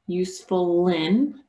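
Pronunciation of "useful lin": In 'useful in', the final l of 'useful' links to the vowel of 'in', so it sounds like 'useful lin'.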